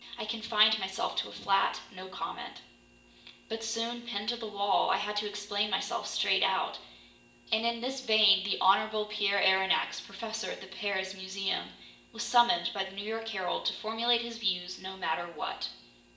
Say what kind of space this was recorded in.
A big room.